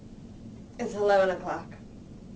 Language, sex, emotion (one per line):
English
female
neutral